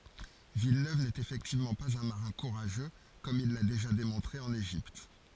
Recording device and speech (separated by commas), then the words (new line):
forehead accelerometer, read sentence
Villeneuve n'est effectivement pas un marin courageux, comme il l’a déjà démontré en Égypte.